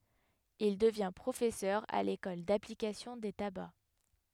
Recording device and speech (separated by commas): headset microphone, read sentence